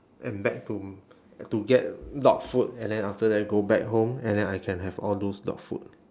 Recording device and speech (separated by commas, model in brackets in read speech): standing microphone, conversation in separate rooms